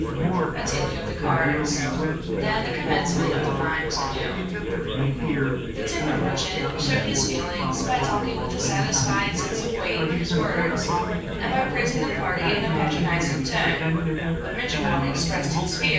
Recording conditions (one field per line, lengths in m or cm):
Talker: one person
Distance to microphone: 9.8 m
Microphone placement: far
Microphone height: 1.8 m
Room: large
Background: babble